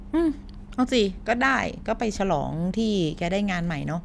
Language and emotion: Thai, neutral